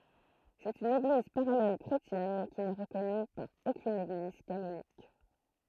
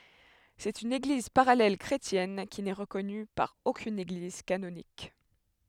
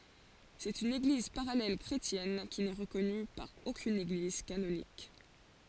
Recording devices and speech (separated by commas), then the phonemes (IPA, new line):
throat microphone, headset microphone, forehead accelerometer, read sentence
sɛt yn eɡliz paʁalɛl kʁetjɛn ki nɛ ʁəkɔny paʁ okyn eɡliz kanonik